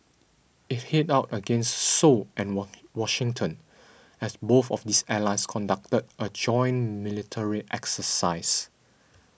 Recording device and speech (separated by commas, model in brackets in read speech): boundary microphone (BM630), read sentence